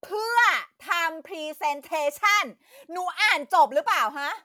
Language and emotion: Thai, angry